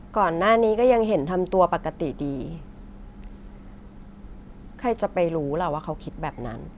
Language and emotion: Thai, frustrated